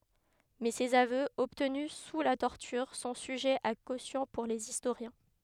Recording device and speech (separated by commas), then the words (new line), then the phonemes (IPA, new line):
headset microphone, read sentence
Mais ses aveux, obtenus sous la torture, sont sujets à caution pour les historiens.
mɛ sez avøz ɔbtny su la tɔʁtyʁ sɔ̃ syʒɛz a kosjɔ̃ puʁ lez istoʁjɛ̃